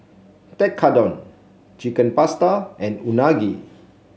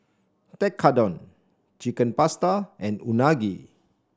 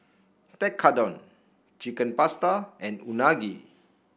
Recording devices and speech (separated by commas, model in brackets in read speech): mobile phone (Samsung C7), standing microphone (AKG C214), boundary microphone (BM630), read sentence